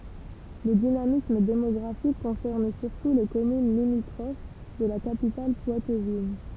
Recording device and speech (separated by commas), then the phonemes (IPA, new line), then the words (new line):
temple vibration pickup, read sentence
lə dinamism demɔɡʁafik kɔ̃sɛʁn syʁtu le kɔmyn limitʁof də la kapital pwatvin
Le dynamisme démographique concerne surtout les communes limitrophes de la capitale poitevine.